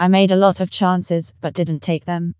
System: TTS, vocoder